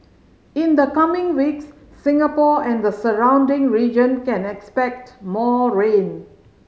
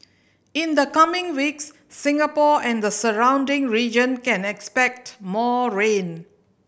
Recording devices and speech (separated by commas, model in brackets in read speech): mobile phone (Samsung C5010), boundary microphone (BM630), read sentence